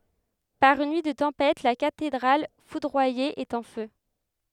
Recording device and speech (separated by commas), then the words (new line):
headset microphone, read sentence
Par une nuit de tempête, la cathédrale foudroyée est en feu.